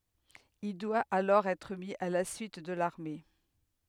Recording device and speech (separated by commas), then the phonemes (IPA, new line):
headset microphone, read sentence
il dwa alɔʁ ɛtʁ mi a la syit də laʁme